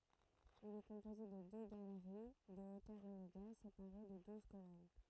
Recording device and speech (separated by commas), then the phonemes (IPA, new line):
throat microphone, read sentence
il ɛ kɔ̃poze də dø ɡaləʁi də otœʁ ineɡal sepaʁe də duz kolɔn